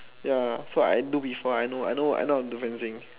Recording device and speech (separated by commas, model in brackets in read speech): telephone, conversation in separate rooms